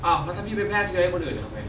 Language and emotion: Thai, angry